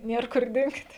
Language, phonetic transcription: Lithuanian, ˈnier kur ˈdingt

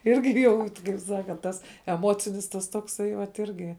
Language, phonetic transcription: Lithuanian, ˈirgi ˈjau ti kaip ˈsakant ˈtas eˈmocinis ˈtas tokˈsai vat ˈirgi

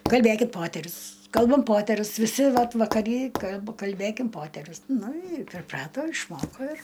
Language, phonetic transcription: Lithuanian, kalˈbėkit ˈpoterius ˈkalbam ˈpoterius viˈsi ˈvat vakaˈry kalb kalˈbėkim ˈpoterius nu i priˈprato išˈmoko ir

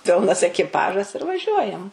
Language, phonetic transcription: Lithuanian, ˈpilnas ekiˈpažas ir vaˈžiuojam

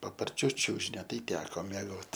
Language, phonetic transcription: Lithuanian, paparˈčiu ˈčiužinio ˈtai ˈteko mieˈgot

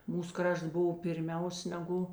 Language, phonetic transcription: Lithuanian, ˈmūs ˈkrašts ˈbuv pirˈmiaus neˈgu

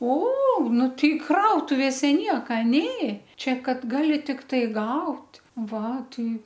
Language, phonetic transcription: Lithuanian, o ˈnu ˈtei ˈkrautuvėse ˈnieka ˈnė ˈčia ˈkad ˈgali tikˈtai ˈgaut' ˈva ˈtai

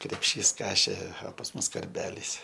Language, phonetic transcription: Lithuanian, krepˈšys ˈkašė o pas ˈmus karˈbelys

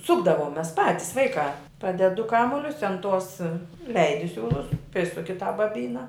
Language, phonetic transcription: Lithuanian, ˈsukdavom ˈmes ˈpatis ˈvaikā ˈpaded du ˈkamulius an tos i ˈleidi ˈsiūlus ˈprisuki tą baˈbyna

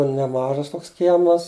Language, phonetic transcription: Lithuanian, neˈmažas ˈtoks ˈkiemas

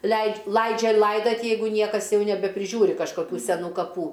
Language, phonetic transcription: Lithuanian, leid' ˈlaidžia ˈlaidat' ˈjeigu ˈniekas ˈjau nebepriˈžiūri kažkaˈkių seˈnų kaˈpų

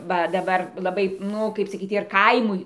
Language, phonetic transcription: Lithuanian, ˈva daˈbar laˈbai ˈnu ˈkaip saˈkyt ir ˈkaimui

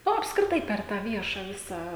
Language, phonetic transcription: Lithuanian, ˈnu apskriˈtai ˈper tą ˈvieša ˈvisą

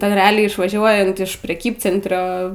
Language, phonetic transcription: Lithuanian, ˈten reˈaliai išvaˈžiuojant iš preˈkybcentrio

